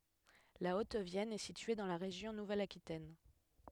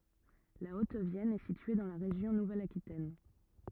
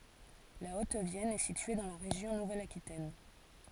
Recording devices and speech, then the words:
headset microphone, rigid in-ear microphone, forehead accelerometer, read sentence
La Haute-Vienne est située dans la région Nouvelle-Aquitaine.

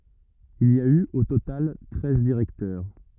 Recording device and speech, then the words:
rigid in-ear microphone, read sentence
Il y a eu, au total, treize directeurs.

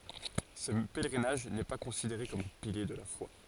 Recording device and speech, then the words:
forehead accelerometer, read sentence
Ce pèlerinage n’est pas considéré comme un pilier de la foi.

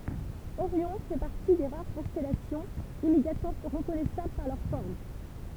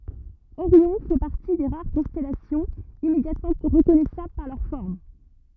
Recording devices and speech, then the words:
temple vibration pickup, rigid in-ear microphone, read sentence
Orion fait partie des rares constellations immédiatement reconnaissables par leur forme.

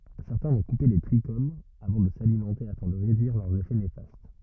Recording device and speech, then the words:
rigid in-ear microphone, read sentence
Certains vont couper les trichomes avant de s'alimenter afin de réduire leurs effets néfastes.

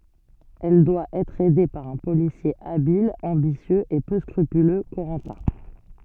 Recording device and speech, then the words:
soft in-ear microphone, read sentence
Elle doit être aidée par un policier habile, ambitieux et peu scrupuleux, Corentin.

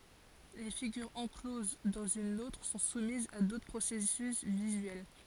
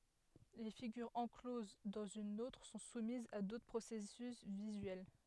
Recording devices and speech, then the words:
forehead accelerometer, headset microphone, read sentence
Les figures encloses dans une autre sont soumises à d'autres processus visuels.

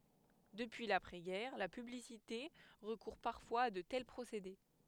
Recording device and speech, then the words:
headset microphone, read sentence
Depuis l’après-guerre, la publicité recourt parfois à de tels procédés.

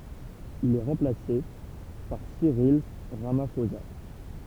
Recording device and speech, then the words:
temple vibration pickup, read sentence
Il est remplacé par Cyril Ramaphosa.

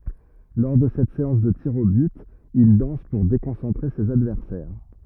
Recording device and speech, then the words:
rigid in-ear microphone, read sentence
Lors de cette séance de tirs au but, il danse pour déconcentrer ses adversaires.

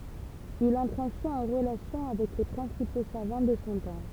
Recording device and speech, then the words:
temple vibration pickup, read sentence
Il entre ainsi en relation avec les principaux savants de son temps.

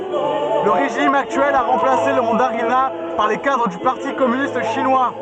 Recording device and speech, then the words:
soft in-ear microphone, read sentence
Le régime actuel a remplacé le mandarinat par les cadres du parti communiste chinois.

